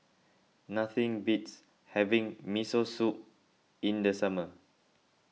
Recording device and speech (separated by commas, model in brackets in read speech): mobile phone (iPhone 6), read sentence